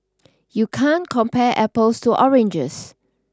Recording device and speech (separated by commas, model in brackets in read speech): standing microphone (AKG C214), read sentence